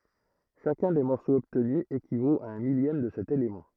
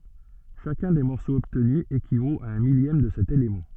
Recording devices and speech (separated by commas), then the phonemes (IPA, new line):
throat microphone, soft in-ear microphone, read sentence
ʃakœ̃ de mɔʁsoz ɔbtny ekivot a œ̃ miljɛm də sɛt elemɑ̃